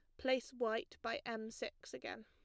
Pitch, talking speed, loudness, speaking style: 235 Hz, 175 wpm, -42 LUFS, plain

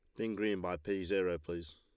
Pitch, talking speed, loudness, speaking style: 95 Hz, 230 wpm, -37 LUFS, Lombard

